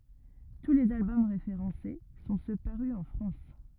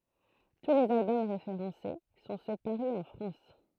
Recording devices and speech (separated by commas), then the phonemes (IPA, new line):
rigid in-ear microphone, throat microphone, read sentence
tu lez albɔm ʁefeʁɑ̃se sɔ̃ sø paʁy ɑ̃ fʁɑ̃s